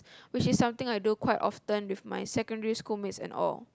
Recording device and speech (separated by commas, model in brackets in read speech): close-talking microphone, conversation in the same room